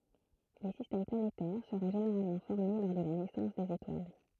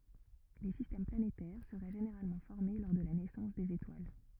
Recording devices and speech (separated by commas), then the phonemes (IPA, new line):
throat microphone, rigid in-ear microphone, read sentence
le sistɛm planetɛʁ səʁɛ ʒeneʁalmɑ̃ fɔʁme lɔʁ də la nɛsɑ̃s dez etwal